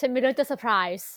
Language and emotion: Thai, happy